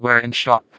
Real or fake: fake